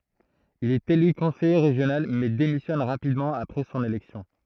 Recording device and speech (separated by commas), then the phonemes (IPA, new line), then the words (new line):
throat microphone, read sentence
il ɛt ely kɔ̃sɛje ʁeʒjonal mɛ demisjɔn ʁapidmɑ̃ apʁɛ sɔ̃n elɛksjɔ̃
Il est élu conseiller régional mais démissionne rapidement après son élection.